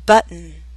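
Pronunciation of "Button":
In 'button', a glottal stop comes before the unstressed n sound.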